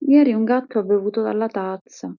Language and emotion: Italian, sad